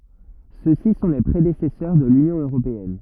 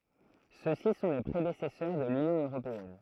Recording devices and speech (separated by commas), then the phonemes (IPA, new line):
rigid in-ear microphone, throat microphone, read sentence
søksi sɔ̃ le pʁedesɛsœʁ də lynjɔ̃ øʁopeɛn